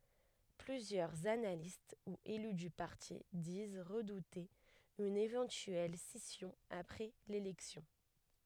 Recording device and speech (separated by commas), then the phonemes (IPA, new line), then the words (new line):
headset microphone, read sentence
plyzjœʁz analist u ely dy paʁti diz ʁədute yn evɑ̃tyɛl sisjɔ̃ apʁɛ lelɛksjɔ̃
Plusieurs analystes ou élus du parti disent redouter une éventuelle scission après l'élection.